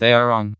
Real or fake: fake